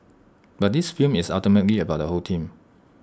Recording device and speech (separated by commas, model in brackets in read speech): standing microphone (AKG C214), read sentence